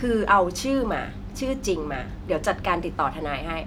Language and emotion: Thai, frustrated